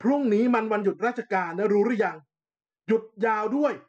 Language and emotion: Thai, angry